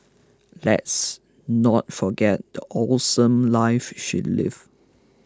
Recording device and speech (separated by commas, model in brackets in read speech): close-talking microphone (WH20), read sentence